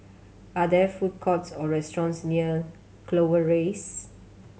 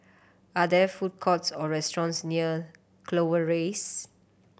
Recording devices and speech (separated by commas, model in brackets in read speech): mobile phone (Samsung C7100), boundary microphone (BM630), read sentence